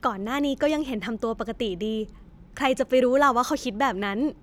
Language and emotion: Thai, neutral